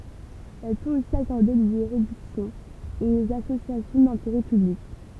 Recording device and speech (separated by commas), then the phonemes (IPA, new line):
temple vibration pickup, read sentence
ɛl pøt osi akɔʁde de ʁedyksjɔ̃z oz asosjasjɔ̃ dɛ̃teʁɛ pyblik